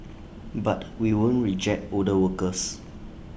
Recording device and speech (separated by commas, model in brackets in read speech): boundary microphone (BM630), read sentence